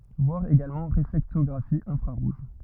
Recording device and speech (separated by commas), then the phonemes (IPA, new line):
rigid in-ear microphone, read sentence
vwaʁ eɡalmɑ̃ ʁeflɛktɔɡʁafi ɛ̃fʁaʁuʒ